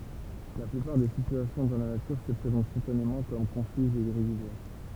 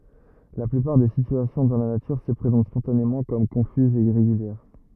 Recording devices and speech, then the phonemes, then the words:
temple vibration pickup, rigid in-ear microphone, read sentence
la plypaʁ de sityasjɔ̃ dɑ̃ la natyʁ sə pʁezɑ̃t spɔ̃tanemɑ̃ kɔm kɔ̃fyzz e iʁeɡyljɛʁ
La plupart des situations dans la nature se présentent spontanément comme confuses et irrégulières.

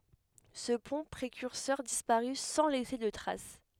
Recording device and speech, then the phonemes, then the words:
headset microphone, read sentence
sə pɔ̃ pʁekyʁsœʁ dispaʁy sɑ̃ lɛse də tʁas
Ce pont précurseur disparut sans laisser de traces.

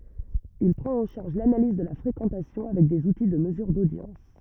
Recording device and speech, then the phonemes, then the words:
rigid in-ear microphone, read sentence
il pʁɑ̃t ɑ̃ ʃaʁʒ lanaliz də la fʁekɑ̃tasjɔ̃ avɛk dez uti də məzyʁ dodjɑ̃s
Il prend en charge l'analyse de la fréquentation avec des outils de mesure d'audience.

